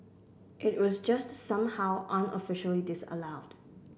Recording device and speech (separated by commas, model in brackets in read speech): boundary microphone (BM630), read sentence